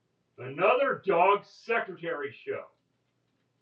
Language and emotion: English, angry